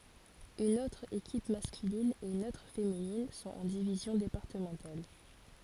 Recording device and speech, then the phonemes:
forehead accelerometer, read sentence
yn otʁ ekip maskylin e yn otʁ feminin sɔ̃t ɑ̃ divizjɔ̃ depaʁtəmɑ̃tal

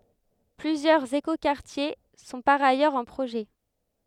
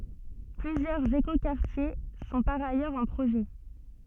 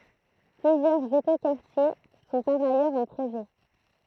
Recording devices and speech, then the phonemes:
headset microphone, soft in-ear microphone, throat microphone, read sentence
plyzjœʁz ekokaʁtje sɔ̃ paʁ ajœʁz ɑ̃ pʁoʒɛ

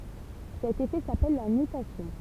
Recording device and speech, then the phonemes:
temple vibration pickup, read sentence
sɛt efɛ sapɛl la nytasjɔ̃

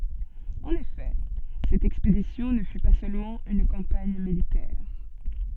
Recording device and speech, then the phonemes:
soft in-ear microphone, read sentence
ɑ̃n efɛ sɛt ɛkspedisjɔ̃ nə fy pa sølmɑ̃ yn kɑ̃paɲ militɛʁ

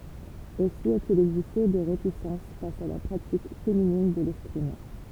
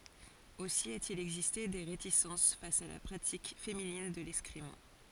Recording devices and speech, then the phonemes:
temple vibration pickup, forehead accelerometer, read sentence
osi a te il ɛɡziste de ʁetisɑ̃s fas a la pʁatik feminin də lɛskʁim

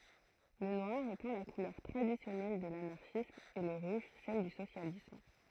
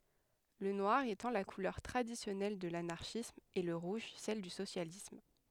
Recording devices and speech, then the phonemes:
throat microphone, headset microphone, read sentence
lə nwaʁ etɑ̃ la kulœʁ tʁadisjɔnɛl də lanaʁʃism e lə ʁuʒ sɛl dy sosjalism

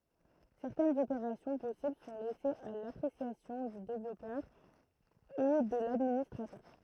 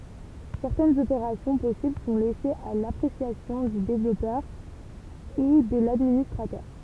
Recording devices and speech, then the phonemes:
throat microphone, temple vibration pickup, read sentence
sɛʁtɛnz opeʁasjɔ̃ pɔsibl sɔ̃ lɛsez a lapʁesjasjɔ̃ dy devlɔpœʁ u də ladministʁatœʁ

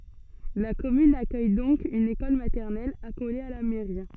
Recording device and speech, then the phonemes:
soft in-ear microphone, read sentence
la kɔmyn akœj dɔ̃k yn ekɔl matɛʁnɛl akole a la mɛʁi

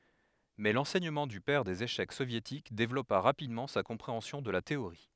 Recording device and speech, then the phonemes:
headset microphone, read sentence
mɛ lɑ̃sɛɲəmɑ̃ dy pɛʁ dez eʃɛk sovjetik devlɔpa ʁapidmɑ̃ sa kɔ̃pʁeɑ̃sjɔ̃ də la teoʁi

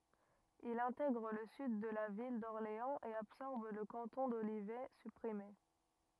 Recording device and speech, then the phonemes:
rigid in-ear microphone, read sentence
il ɛ̃tɛɡʁ lə syd də la vil dɔʁleɑ̃z e absɔʁb lə kɑ̃tɔ̃ dolivɛ sypʁime

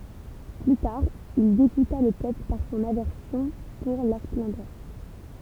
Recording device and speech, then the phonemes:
temple vibration pickup, read sentence
ply taʁ il deɡuta lə pøpl paʁ sɔ̃n avɛʁsjɔ̃ puʁ la splɑ̃dœʁ

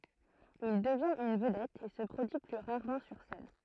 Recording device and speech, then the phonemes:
throat microphone, read sentence
il dəvjɛ̃t yn vədɛt e sə pʁodyi ply ʁaʁmɑ̃ syʁ sɛn

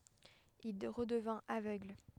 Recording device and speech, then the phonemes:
headset microphone, read sentence
il ʁədəvɛ̃t avøɡl

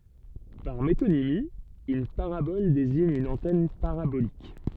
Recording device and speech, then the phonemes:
soft in-ear microphone, read sentence
paʁ metonimi yn paʁabɔl deziɲ yn ɑ̃tɛn paʁabolik

